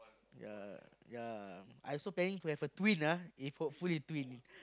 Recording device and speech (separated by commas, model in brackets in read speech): close-talking microphone, conversation in the same room